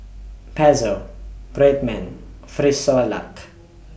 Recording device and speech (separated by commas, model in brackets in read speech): boundary microphone (BM630), read sentence